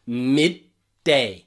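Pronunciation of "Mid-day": In 'midday', the first d is only half pronounced. 'Mid' is followed by a glottal stop, and then 'day'.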